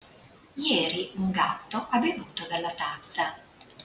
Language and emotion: Italian, neutral